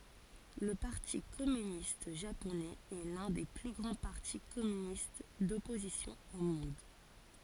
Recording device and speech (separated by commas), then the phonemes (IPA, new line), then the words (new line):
forehead accelerometer, read sentence
lə paʁti kɔmynist ʒaponɛz ɛ lœ̃ de ply ɡʁɑ̃ paʁti kɔmynist dɔpozisjɔ̃ o mɔ̃d
Le Parti communiste japonais est l'un des plus grands partis communistes d'opposition au monde.